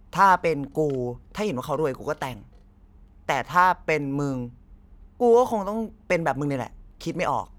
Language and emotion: Thai, frustrated